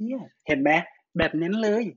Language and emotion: Thai, happy